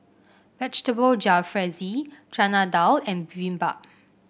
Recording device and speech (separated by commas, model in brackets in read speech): boundary microphone (BM630), read sentence